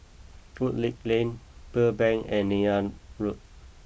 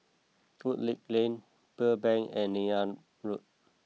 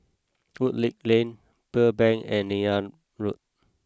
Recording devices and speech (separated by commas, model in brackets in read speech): boundary microphone (BM630), mobile phone (iPhone 6), close-talking microphone (WH20), read sentence